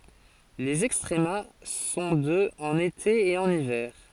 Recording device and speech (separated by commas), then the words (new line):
forehead accelerometer, read sentence
Les extrema sont de en été et en hiver.